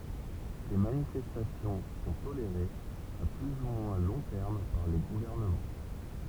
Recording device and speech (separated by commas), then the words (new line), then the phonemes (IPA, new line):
temple vibration pickup, read sentence
Ces manifestations sont tolérées à plus ou moins long terme par les gouvernements.
se manifɛstasjɔ̃ sɔ̃ toleʁez a ply u mwɛ̃ lɔ̃ tɛʁm paʁ le ɡuvɛʁnəmɑ̃